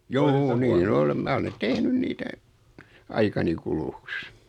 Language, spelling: Finnish, juu niin olen minä olen tehnyt niitä aikani kuluksi
- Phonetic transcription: 'juu nii'n ‿olem 'mä ole 'tehnyn niitä , 'aikani kuluks .

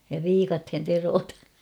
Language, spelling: Finnish, ja viikatteen teroitan
- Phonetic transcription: ja 'viikathen 'terootan̬ .

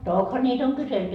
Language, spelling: Finnish, tokihan niitä on kyselty
- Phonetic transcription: "tokha ńiit ‿oŋ 'kyselty .

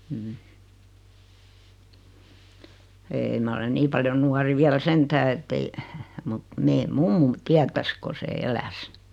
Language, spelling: Finnish, ei minä olen niin paljon nuori vielä sentään että ei mutta meidän mummomme tietäisi kun se eläisi
- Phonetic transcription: 'eeⁱ ma olen 'nii paljoⁿ 'nuari 'viäl "sentää ettei , mut , 'mee "mummum , 'tiätäs ko se "eläs .

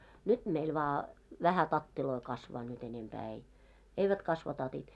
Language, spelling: Finnish, nyt meillä vain vähän tatteja kasvaa nyt enempää ei eivät kasva tatit
- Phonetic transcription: 'nyt meil vaa , "vähä 'tattiloi kasvaa nyt ‿enempää ei , "eivät kasva 'tatit .

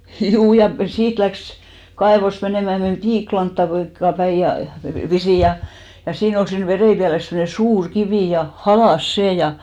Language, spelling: Finnish, juu ja siitä lähti kaivosta menemään meni - piikkilankaa päin ja pisin ja ja siinä oli siinä veräjänpielessä semmoinen suuri kivi ja halkaisi sen ja
- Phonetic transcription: "ʰjuu ja , 'siit läks , 'kaevost 'menèmä , 'men "piiklantta , -(la)ŋkka 'päij ja , 'pisìj ja , ja 'siin ‿ol siin 'vereipiäles semne "suur 'kivì ja , 'halàs "sè ja .

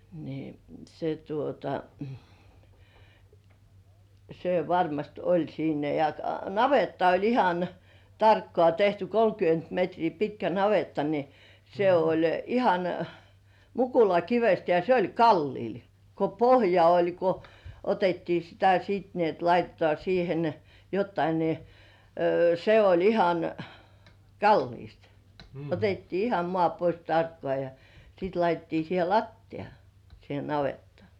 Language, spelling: Finnish, niin se tuota se varmasti oli siinä ja navetta oli ihan tarkkaan tehty kolmekymmentä metriä pitkä navetta niin se oli ihan mukulakivestä ja se oli kalliolla kun pohja oli kun otettiin sitä sitten niin että laitetaan siihen jotakin niin se oli ihan kalliosta otettiin ihan maa pois tarkkaan ja sitten laitettiin siihen lattia siihen navettaan
- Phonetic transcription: ni , se tuota , se varmast oĺ siinä ja , "navetta oĺ ihan , "tarkkŏà tehty 'kolkyönt metrii 'pitkä "navetta ni , se ‿oĺ 'ihan , 'mukula"kivest ja 'se oĺ "kalliil , ko "pohja oĺ ko , 'otettii sitä 'siit ni ‿et 'laitetŏà siihen , 'jottai ni , se 'oĺ 'ihan , "kalliist , 'otettii "iham 'mŏà pois 'tarkkŏà ja , sìt 'laitettii siihe "lattiʲa , siihe navettŏà .

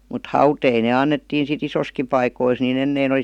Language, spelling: Finnish, mutta hauteita ne annettiin sitten isoissakin paikoissa niin ennen oli
- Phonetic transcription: mut "hautei ne 'annettiin si't ‿isoski paikois ni'n ‿ennein ‿oˡi !

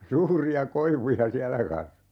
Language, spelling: Finnish, suuria koivuja siellä kasvoi
- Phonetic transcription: 'suuri₍a 'koivuja "siälä kas(vo) .

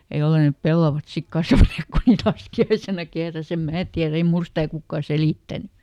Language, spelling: Finnish, ja jos ei ne pellavat sitten kasvaneet kun niitä laskiaisena kehräsi en minä tiedä ei minulle sitä kukaan selittänyt
- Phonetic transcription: ja ˈjolle nep "pellavat sik ˈkasvaneek ku niit ˈlaski₍aisena ˈkehräs ‿em "mää tiär ‿ei "mul ˈstä̀ ˈkukkà ˈselìttäny .

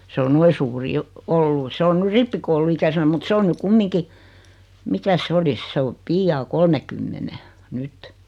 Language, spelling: Finnish, se on noin suuri jo ollut se on nyt rippikouluikäisenä mutta se on nyt kumminkin mikäs se olisi se on pian kolmenkymmenen nyt
- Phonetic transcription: 's ‿o "noi suuri 'jo , "ollu 'se on 'ny "rippikoul̆lu₍ikäsenä mut 'se on ny 'kummiŋki , 'mikäs se 'olis 'se o 'piijaa "kolmekymmene , 'nyt .

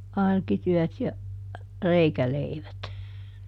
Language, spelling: Finnish, arkityöt ja reikäleivät
- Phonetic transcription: » ˈarkityɔ̈̀t ja , "reikäleivät . »

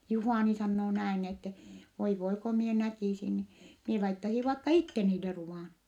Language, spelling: Finnish, Juhani sanoo näin että voi voi kun minä näkisin niin minä laittaisin vaikka itse niille ruoan
- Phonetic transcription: Juhàni sannoo näin ette , » voi voi ko mie näkìsin ni , mie laittasi vaikka itte niille ruvàn . »

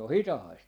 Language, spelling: Finnish, se on hitaista
- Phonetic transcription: se o "hitahaist .

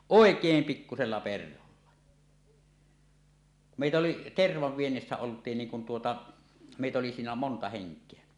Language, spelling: Finnish, oikein pikkuisella perholla meitä oli tervan viennissä oltiin niin kun tuota meitä oli siinä monta henkeä
- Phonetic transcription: òek̀eem 'pikkusella 'perholla , mèitä oli , "tervav "viennissä 'olt̀iin niiŋ kun tuota , mèitä oli siinä 'monta 'heŋk̀eä .

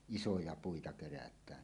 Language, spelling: Finnish, isoja puita kerätään
- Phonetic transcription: isoja 'puita 'kerät̀ään .

